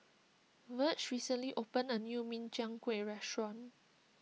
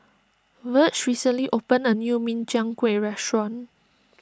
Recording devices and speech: mobile phone (iPhone 6), standing microphone (AKG C214), read sentence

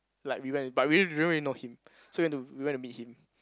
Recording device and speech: close-talking microphone, conversation in the same room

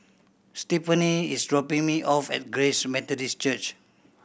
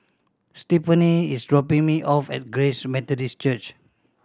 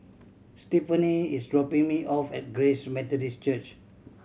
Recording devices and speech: boundary microphone (BM630), standing microphone (AKG C214), mobile phone (Samsung C7100), read sentence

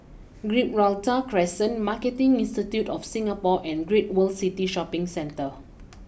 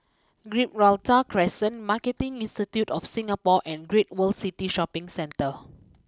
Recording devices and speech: boundary microphone (BM630), close-talking microphone (WH20), read sentence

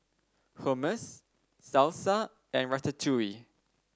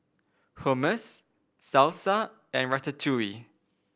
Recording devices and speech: standing microphone (AKG C214), boundary microphone (BM630), read sentence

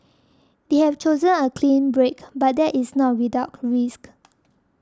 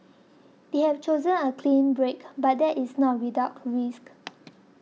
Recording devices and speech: standing microphone (AKG C214), mobile phone (iPhone 6), read sentence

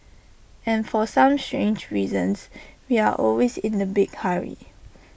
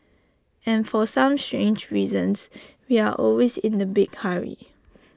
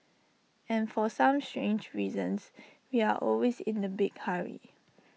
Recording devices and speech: boundary microphone (BM630), standing microphone (AKG C214), mobile phone (iPhone 6), read sentence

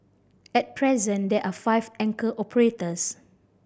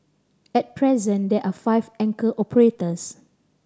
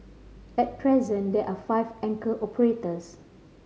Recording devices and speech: boundary microphone (BM630), standing microphone (AKG C214), mobile phone (Samsung C5010), read sentence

